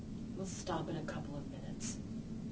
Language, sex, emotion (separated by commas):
English, female, sad